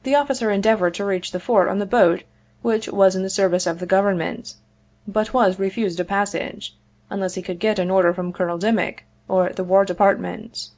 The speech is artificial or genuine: genuine